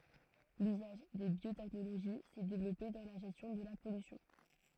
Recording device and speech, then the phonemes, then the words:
throat microphone, read sentence
lyzaʒ de bjotɛknoloʒi sɛ devlɔpe dɑ̃ la ʒɛstjɔ̃ də la pɔlysjɔ̃
L'usage des biotechnologies s'est développé dans la gestion de la pollution.

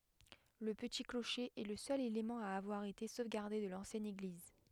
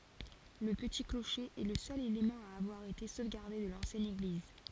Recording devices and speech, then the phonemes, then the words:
headset microphone, forehead accelerometer, read sentence
lə pəti kloʃe ɛ lə sœl elemɑ̃ a avwaʁ ete sovɡaʁde də lɑ̃sjɛn eɡliz
Le petit clocher est le seul élément à avoir été sauvegardé de l'ancienne église.

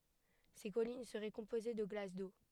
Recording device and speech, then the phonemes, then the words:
headset microphone, read sentence
se kɔlin səʁɛ kɔ̃poze də ɡlas do
Ces collines seraient composées de glace d’eau.

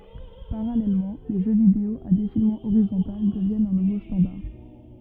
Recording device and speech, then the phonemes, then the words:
rigid in-ear microphone, read sentence
paʁalɛlmɑ̃ le ʒø video a defilmɑ̃ oʁizɔ̃tal dəvjɛnt œ̃ nuvo stɑ̃daʁ
Parallèlement, les jeux vidéo à défilement horizontal deviennent un nouveau standard.

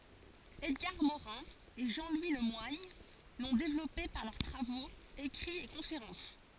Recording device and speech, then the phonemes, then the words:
forehead accelerometer, read sentence
ɛdɡaʁ moʁɛ̃ e ʒɑ̃ lwi lə mwaɲ lɔ̃ devlɔpe paʁ lœʁ tʁavoz ekʁiz e kɔ̃feʁɑ̃s
Edgar Morin et Jean-Louis Le Moigne l'ont développé par leurs travaux, écrits et conférences.

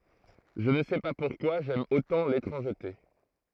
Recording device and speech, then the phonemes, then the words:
throat microphone, read sentence
ʒə nə sɛ pa puʁkwa ʒɛm otɑ̃ letʁɑ̃ʒte
Je ne sais pas pourquoi j'aime autant l'étrangeté.

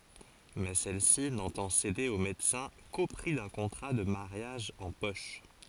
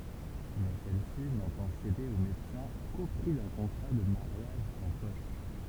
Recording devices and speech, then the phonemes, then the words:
forehead accelerometer, temple vibration pickup, read sentence
mɛ sɛl si nɑ̃tɑ̃ sede o medəsɛ̃ ko pʁi dœ̃ kɔ̃tʁa də maʁjaʒ ɑ̃ pɔʃ
Mais celle-ci n'entend céder au médecin qu'au prix d'un contrat de mariage en poche.

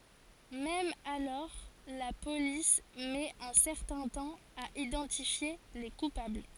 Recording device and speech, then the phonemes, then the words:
forehead accelerometer, read sentence
mɛm alɔʁ la polis mɛt œ̃ sɛʁtɛ̃ tɑ̃ a idɑ̃tifje le kupabl
Même alors, la police met un certain temps à identifier les coupables.

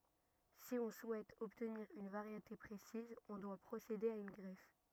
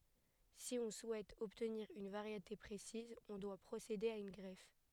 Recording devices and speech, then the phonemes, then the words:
rigid in-ear microphone, headset microphone, read sentence
si ɔ̃ suɛt ɔbtniʁ yn vaʁjete pʁesiz ɔ̃ dwa pʁosede a yn ɡʁɛf
Si on souhaite obtenir une variété précise, on doit procéder à une greffe.

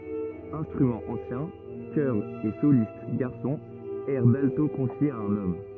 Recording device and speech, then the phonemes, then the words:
rigid in-ear microphone, read sentence
ɛ̃stʁymɑ̃z ɑ̃sjɛ̃ kœʁz e solist ɡaʁsɔ̃z ɛʁ dalto kɔ̃fjez a œ̃n ɔm
Instruments anciens, chœurs et solistes garçons, airs d’alto confiés à un homme.

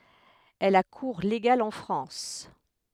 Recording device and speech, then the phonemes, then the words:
headset microphone, read sentence
ɛl a kuʁ leɡal ɑ̃ fʁɑ̃s
Elle a cours légal en France.

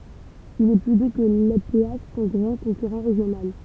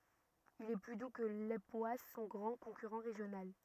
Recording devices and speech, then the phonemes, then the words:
temple vibration pickup, rigid in-ear microphone, read sentence
il ɛ ply du kə lepwas sɔ̃ ɡʁɑ̃ kɔ̃kyʁɑ̃ ʁeʒjonal
Il est plus doux que l'époisses, son grand concurrent régional.

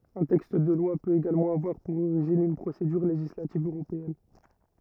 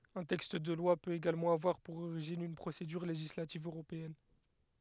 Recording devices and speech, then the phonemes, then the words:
rigid in-ear microphone, headset microphone, read sentence
œ̃ tɛkst də lwa pøt eɡalmɑ̃ avwaʁ puʁ oʁiʒin yn pʁosedyʁ leʒislativ øʁopeɛn
Un texte de loi peut également avoir pour origine une procédure législative européenne.

